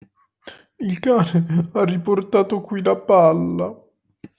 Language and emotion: Italian, sad